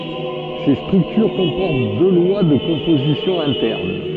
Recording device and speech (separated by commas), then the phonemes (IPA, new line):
soft in-ear microphone, read sentence
se stʁyktyʁ kɔ̃pɔʁt dø lwa də kɔ̃pozisjɔ̃ ɛ̃tɛʁn